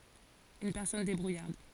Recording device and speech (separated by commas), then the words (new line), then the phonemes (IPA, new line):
forehead accelerometer, read sentence
Une personne débrouillarde.
yn pɛʁsɔn debʁujaʁd